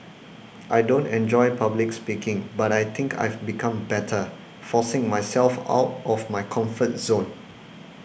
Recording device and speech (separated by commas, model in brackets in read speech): boundary microphone (BM630), read sentence